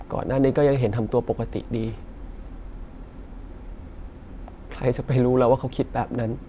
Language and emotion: Thai, frustrated